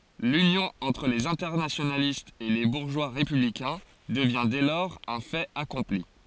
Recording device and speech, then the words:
forehead accelerometer, read sentence
L'union entre les internationalistes et les bourgeois républicains devient dès lors un fait accompli.

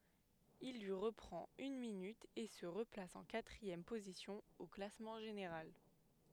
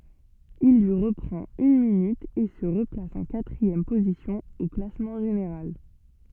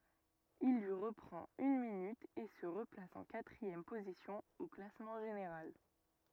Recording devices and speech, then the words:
headset microphone, soft in-ear microphone, rigid in-ear microphone, read sentence
Il lui reprend une minute et se replace en quatrième position au classement général.

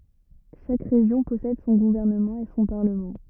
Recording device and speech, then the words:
rigid in-ear microphone, read sentence
Chaque région possède son gouvernement et son parlement.

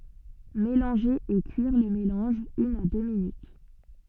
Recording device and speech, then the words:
soft in-ear microphone, read sentence
Mélanger et cuire le mélange une à deux minutes.

